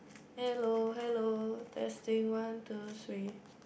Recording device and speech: boundary microphone, conversation in the same room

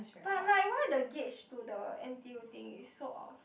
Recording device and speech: boundary microphone, conversation in the same room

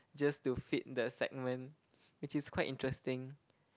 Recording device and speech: close-talking microphone, conversation in the same room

